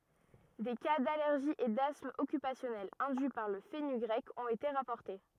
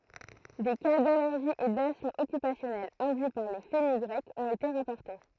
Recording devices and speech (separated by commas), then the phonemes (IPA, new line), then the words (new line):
rigid in-ear microphone, throat microphone, read sentence
de ka dalɛʁʒi e dasm ɔkypasjɔnɛl ɛ̃dyi paʁ lə fənyɡʁɛk ɔ̃t ete ʁapɔʁte
Des cas d'allergie et d'asthme occupationnel induits par le fenugrec ont été rapportés.